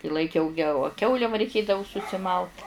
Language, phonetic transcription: Lithuanian, i laiˈkiau geo a ˈkiaule va reiˈkėdavu susiˈmalt

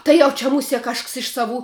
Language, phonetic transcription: Lithuanian, ˈtai jau čia muˈsie ˈkažks iš saˈvų

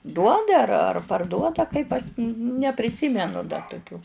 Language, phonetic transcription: Lithuanian, ˈduoda ar ar parˈduoda kaip aš ne nepriˈsymenu da toˈkių

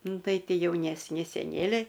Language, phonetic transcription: Lithuanian, ˈnu ˈtai ˈti jaunesˈni seˈnėliai

